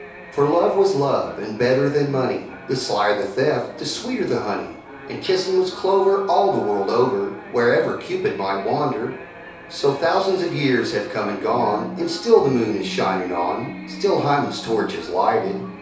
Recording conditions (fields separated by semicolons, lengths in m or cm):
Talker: one person; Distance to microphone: 3.0 m; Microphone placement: far; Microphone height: 1.8 m; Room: small (3.7 m by 2.7 m); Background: television